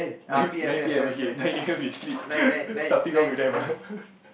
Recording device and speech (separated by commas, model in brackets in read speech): boundary microphone, conversation in the same room